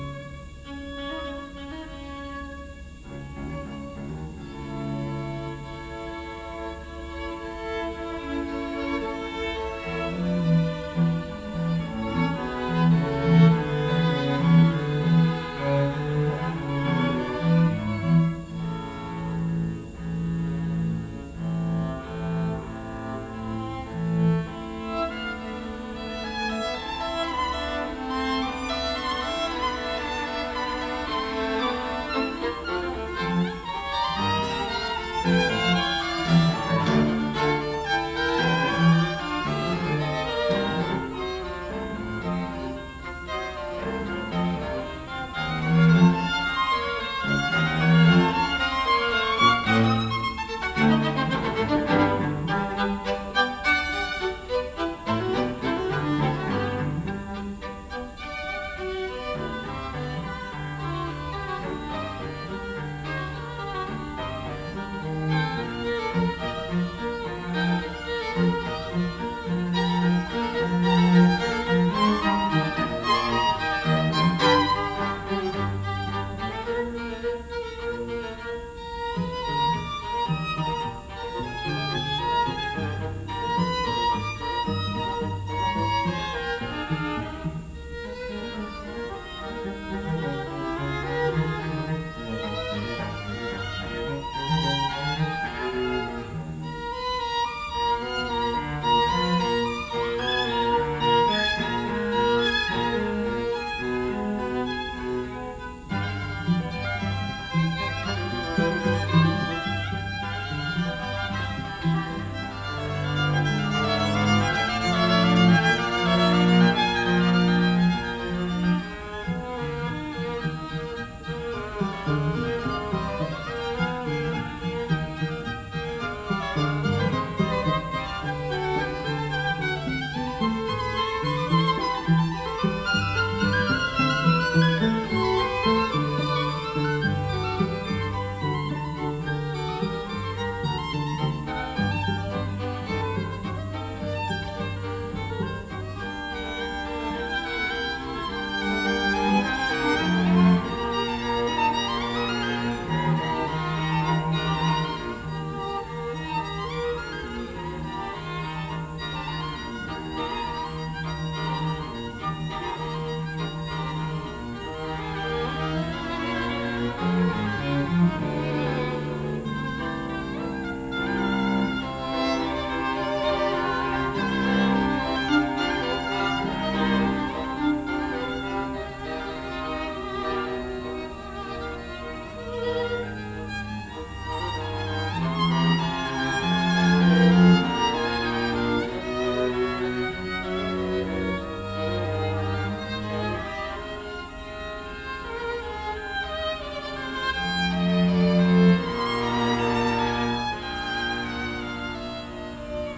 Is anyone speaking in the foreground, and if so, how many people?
No one.